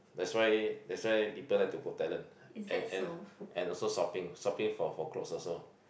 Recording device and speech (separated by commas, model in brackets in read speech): boundary microphone, conversation in the same room